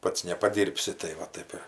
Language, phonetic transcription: Lithuanian, ˈpats nepaˈdyrbsi tai ˈva ˈtaip ir

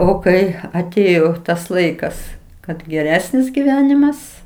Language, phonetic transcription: Lithuanian, o ˈkai aˈtėjo tas ˈlaikas kad geˈresnis giˈvenimas

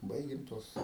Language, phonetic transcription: Lithuanian, ˈbaigim ˈtuos

